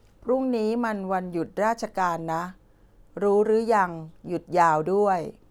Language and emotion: Thai, neutral